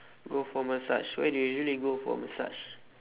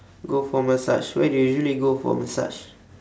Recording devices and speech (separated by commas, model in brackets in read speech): telephone, standing microphone, conversation in separate rooms